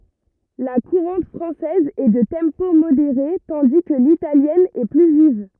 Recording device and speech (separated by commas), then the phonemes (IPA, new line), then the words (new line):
rigid in-ear microphone, read sentence
la kuʁɑ̃t fʁɑ̃sɛz ɛ də tɑ̃po modeʁe tɑ̃di kə litaljɛn ɛ ply viv
La courante française est de tempo modéré, tandis que l'italienne est plus vive.